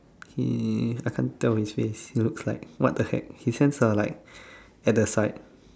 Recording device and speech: standing microphone, conversation in separate rooms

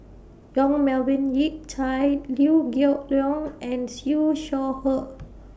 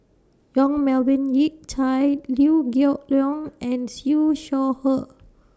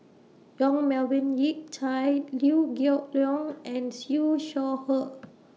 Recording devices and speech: boundary microphone (BM630), standing microphone (AKG C214), mobile phone (iPhone 6), read sentence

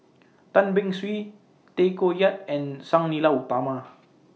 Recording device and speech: mobile phone (iPhone 6), read sentence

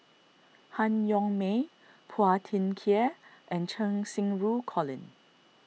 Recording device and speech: mobile phone (iPhone 6), read sentence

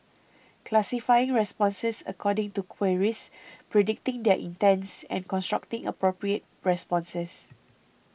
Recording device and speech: boundary microphone (BM630), read sentence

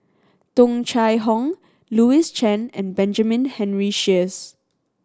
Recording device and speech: standing microphone (AKG C214), read sentence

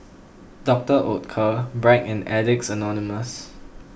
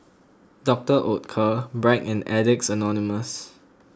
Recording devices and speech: boundary microphone (BM630), close-talking microphone (WH20), read sentence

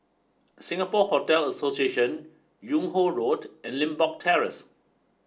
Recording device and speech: standing microphone (AKG C214), read sentence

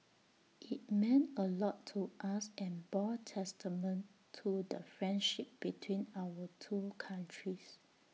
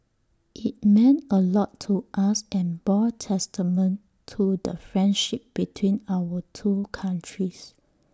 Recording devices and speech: mobile phone (iPhone 6), standing microphone (AKG C214), read sentence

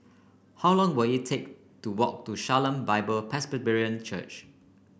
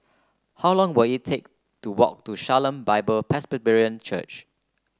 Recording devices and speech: boundary microphone (BM630), close-talking microphone (WH30), read sentence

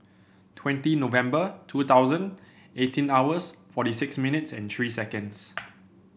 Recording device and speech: boundary microphone (BM630), read sentence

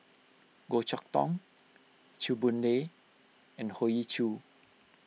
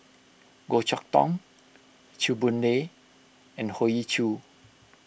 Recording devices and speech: mobile phone (iPhone 6), boundary microphone (BM630), read sentence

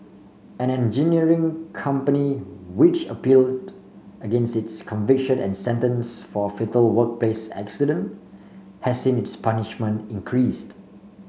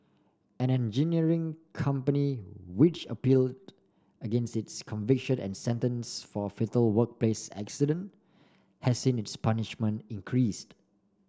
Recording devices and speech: mobile phone (Samsung C5), standing microphone (AKG C214), read sentence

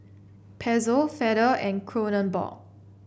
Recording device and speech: boundary microphone (BM630), read sentence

